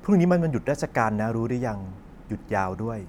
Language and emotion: Thai, neutral